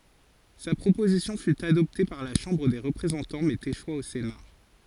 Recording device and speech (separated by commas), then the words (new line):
forehead accelerometer, read sentence
Sa proposition fut adoptée par la Chambre des représentants mais échoua au Sénat.